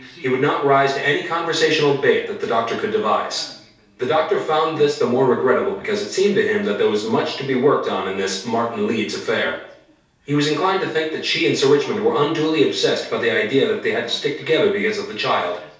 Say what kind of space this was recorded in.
A small room.